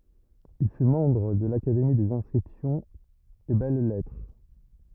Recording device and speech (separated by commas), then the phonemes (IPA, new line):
rigid in-ear microphone, read sentence
il fy mɑ̃bʁ də lakademi dez ɛ̃skʁipsjɔ̃z e bɛl lɛtʁ